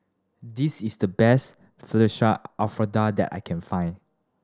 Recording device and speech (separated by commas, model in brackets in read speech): standing microphone (AKG C214), read sentence